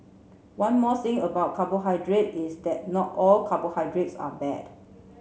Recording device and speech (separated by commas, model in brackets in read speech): mobile phone (Samsung C7), read sentence